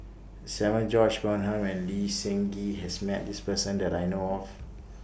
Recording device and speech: boundary microphone (BM630), read sentence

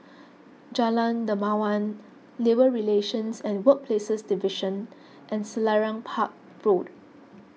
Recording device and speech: mobile phone (iPhone 6), read sentence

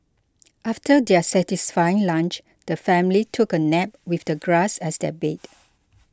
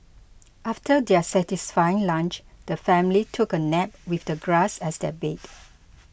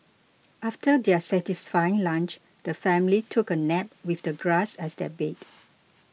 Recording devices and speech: close-talking microphone (WH20), boundary microphone (BM630), mobile phone (iPhone 6), read sentence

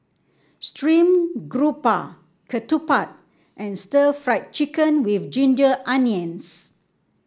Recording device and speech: standing microphone (AKG C214), read sentence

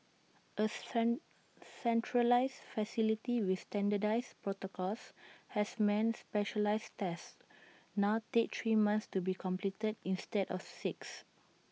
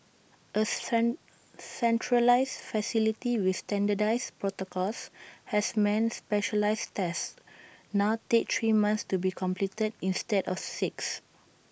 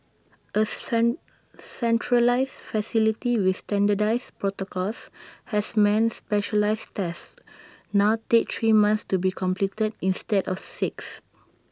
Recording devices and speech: mobile phone (iPhone 6), boundary microphone (BM630), standing microphone (AKG C214), read sentence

